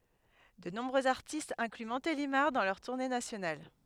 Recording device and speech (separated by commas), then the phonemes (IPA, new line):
headset microphone, read sentence
də nɔ̃bʁøz aʁtistz ɛ̃kly mɔ̃telimaʁ dɑ̃ lœʁ tuʁne nasjonal